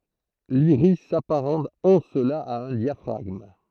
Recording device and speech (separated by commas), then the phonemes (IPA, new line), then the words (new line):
throat microphone, read sentence
liʁis sapaʁɑ̃t ɑ̃ səla a œ̃ djafʁaɡm
L'iris s'apparente en cela à un diaphragme.